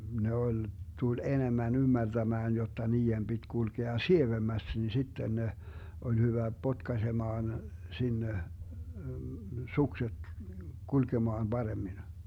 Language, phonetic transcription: Finnish, 'ne ol , 'tul "enemmän 'ymmärtämään jotta 'nii₍em 'BiD 'kulkea "sievemmäst ni 'sitten ne , 'oĺ 'hyvä "potkasemaan , 'sinne , 'sukset , 'kulkemaan 'Baremmin .
- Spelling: ne oli tuli enemmän ymmärtämään jotta niiden piti kulkea sievemmästi niin sitten ne oli hyvä potkaisemaan sinne sukset kulkemaan paremmin

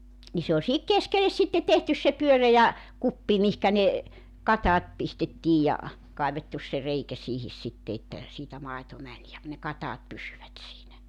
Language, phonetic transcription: Finnish, ni se oĺ sihik "keskeles sitte 'tehtys se 'pyörejä , "kuppi mihkä ne , "kataat 'pistettiij ja , 'kaivettus se 'reikä siihis 'sitte että , 'siitä 'maeto 'mäń ja , ne 'kataat 'pysyvät siinä .
- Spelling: niin se oli siihen keskelle sitten tehty se pyöreä kuppi mihinkä ne katajat pistettiin ja kaivettu se reikä siihen sitten että siitä maito meni ja ne katajat pysyivät siinä

